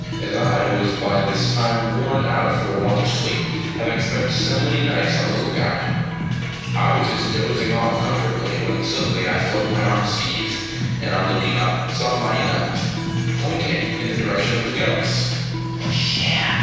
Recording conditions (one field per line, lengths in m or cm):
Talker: one person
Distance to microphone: 7.1 m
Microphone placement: far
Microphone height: 1.7 m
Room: very reverberant, large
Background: music